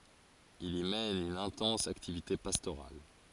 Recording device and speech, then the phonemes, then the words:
forehead accelerometer, read sentence
il i mɛn yn ɛ̃tɑ̃s aktivite pastoʁal
Il y mène une intense activité pastorale.

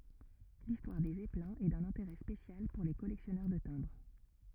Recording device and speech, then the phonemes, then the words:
rigid in-ear microphone, read sentence
listwaʁ de zɛplɛ̃z ɛ dœ̃n ɛ̃teʁɛ spesjal puʁ le kɔlɛksjɔnœʁ də tɛ̃bʁ
L'histoire des zeppelins est d'un intérêt spécial pour les collectionneurs de timbres.

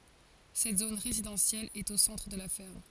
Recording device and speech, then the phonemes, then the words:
forehead accelerometer, read sentence
sɛt zon ʁezidɑ̃sjɛl ɛt o sɑ̃tʁ də la fɛʁm
Cette zone résidentielle est au centre de la ferme.

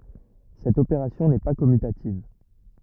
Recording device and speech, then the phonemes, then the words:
rigid in-ear microphone, read sentence
sɛt opeʁasjɔ̃ nɛ pa kɔmytativ
Cette opération n'est pas commutative.

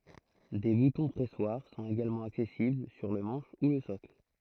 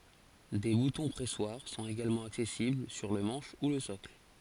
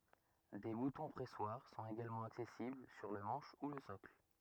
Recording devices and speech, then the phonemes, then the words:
throat microphone, forehead accelerometer, rigid in-ear microphone, read sentence
de butɔ̃ pʁɛswaʁ sɔ̃t eɡalmɑ̃ aksɛsibl syʁ lə mɑ̃ʃ u lə sɔkl
Des boutons-pressoirs sont également accessibles sur le manche ou le socle.

